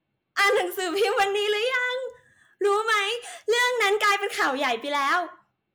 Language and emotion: Thai, happy